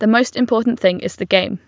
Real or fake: real